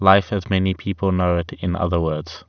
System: none